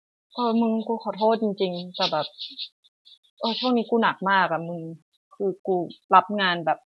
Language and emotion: Thai, frustrated